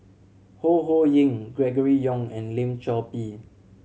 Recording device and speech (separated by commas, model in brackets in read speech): mobile phone (Samsung C7100), read sentence